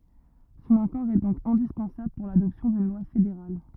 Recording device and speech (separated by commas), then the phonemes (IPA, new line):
rigid in-ear microphone, read sentence
sɔ̃n akɔʁ ɛ dɔ̃k ɛ̃dispɑ̃sabl puʁ ladɔpsjɔ̃ dyn lwa fedeʁal